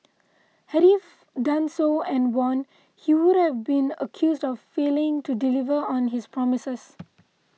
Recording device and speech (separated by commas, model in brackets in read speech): mobile phone (iPhone 6), read sentence